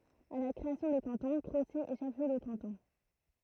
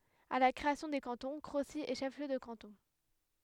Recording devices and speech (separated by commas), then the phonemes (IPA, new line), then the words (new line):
throat microphone, headset microphone, read sentence
a la kʁeasjɔ̃ de kɑ̃tɔ̃ kʁosi ɛ ʃɛf ljø də kɑ̃tɔ̃
À la création des cantons, Crocy est chef-lieu de canton.